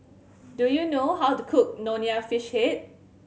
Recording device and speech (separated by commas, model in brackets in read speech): mobile phone (Samsung C7100), read sentence